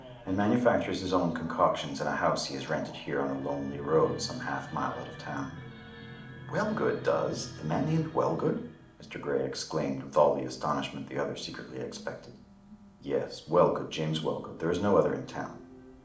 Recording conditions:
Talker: one person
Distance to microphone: 2.0 m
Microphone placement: close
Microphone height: 99 cm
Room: medium-sized (5.7 m by 4.0 m)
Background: television

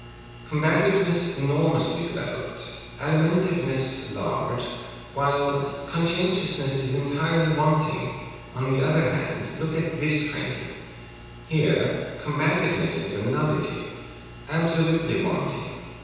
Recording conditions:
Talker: one person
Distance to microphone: 7.1 m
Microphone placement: far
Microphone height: 1.7 m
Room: very reverberant, large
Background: none

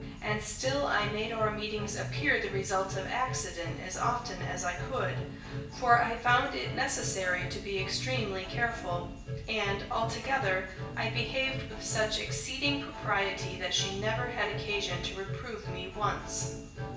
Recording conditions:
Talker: one person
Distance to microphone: 1.8 m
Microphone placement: close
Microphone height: 1.0 m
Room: large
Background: music

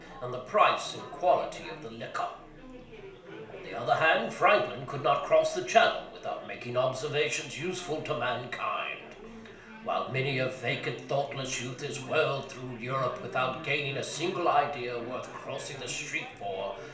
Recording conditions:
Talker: one person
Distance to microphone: 1.0 m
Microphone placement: close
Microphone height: 1.1 m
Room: small (3.7 m by 2.7 m)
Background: babble

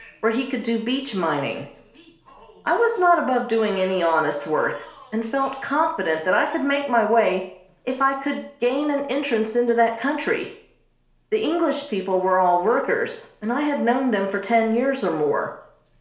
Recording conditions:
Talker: one person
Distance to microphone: 1.0 m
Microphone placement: close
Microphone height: 1.1 m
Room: small (3.7 m by 2.7 m)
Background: television

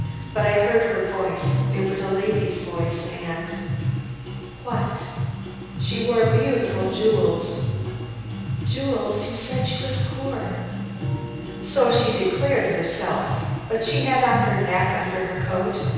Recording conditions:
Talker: one person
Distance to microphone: 7.1 m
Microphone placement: far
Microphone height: 1.7 m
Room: very reverberant, large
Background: music

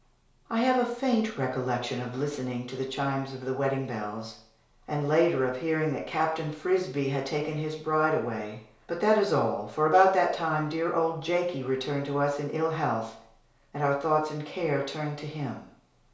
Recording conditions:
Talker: one person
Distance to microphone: 1.0 m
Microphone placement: close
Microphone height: 1.1 m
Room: small (3.7 m by 2.7 m)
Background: none

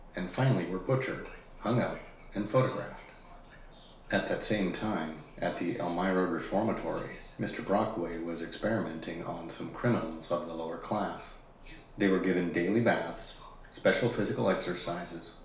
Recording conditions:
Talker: one person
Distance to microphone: 1.0 m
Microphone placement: close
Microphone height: 1.1 m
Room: small (3.7 m by 2.7 m)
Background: television

